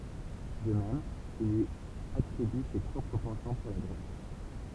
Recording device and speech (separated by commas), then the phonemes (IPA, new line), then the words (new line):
temple vibration pickup, read sentence
də mɛm il lyi atʁiby se pʁɔpʁ pɑ̃ʃɑ̃ puʁ la dʁoɡ
De même, il lui attribue ses propres penchants pour la drogue.